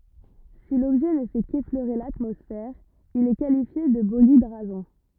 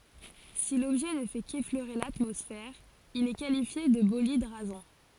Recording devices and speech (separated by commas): rigid in-ear microphone, forehead accelerometer, read sentence